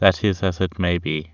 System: none